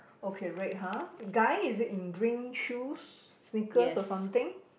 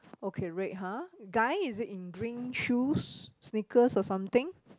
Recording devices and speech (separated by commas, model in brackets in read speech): boundary microphone, close-talking microphone, conversation in the same room